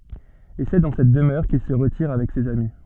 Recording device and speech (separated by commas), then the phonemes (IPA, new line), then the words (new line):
soft in-ear microphone, read sentence
e sɛ dɑ̃ sɛt dəmœʁ kil sə ʁətiʁ avɛk sez ami
Et c’est dans cette demeure qu’il se retire avec ses amis.